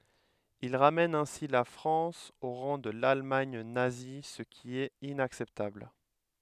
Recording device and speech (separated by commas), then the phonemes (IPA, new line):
headset microphone, read sentence
il ʁamɛn ɛ̃si la fʁɑ̃s o ʁɑ̃ də lalmaɲ nazi sə ki ɛt inaksɛptabl